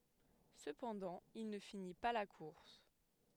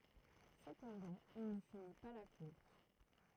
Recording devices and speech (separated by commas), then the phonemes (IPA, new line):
headset microphone, throat microphone, read sentence
səpɑ̃dɑ̃ il nə fini pa la kuʁs